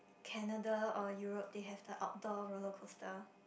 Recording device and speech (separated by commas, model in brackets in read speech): boundary microphone, conversation in the same room